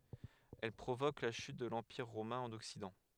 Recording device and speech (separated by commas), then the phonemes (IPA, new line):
headset microphone, read sentence
ɛl pʁovok la ʃyt də lɑ̃piʁ ʁomɛ̃ ɑ̃n ɔksidɑ̃